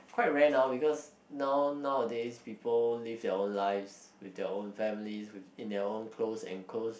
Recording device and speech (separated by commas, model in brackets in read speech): boundary microphone, conversation in the same room